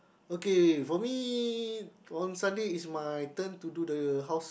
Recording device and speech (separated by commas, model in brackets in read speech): boundary microphone, conversation in the same room